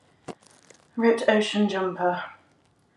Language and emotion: English, sad